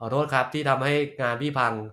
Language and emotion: Thai, frustrated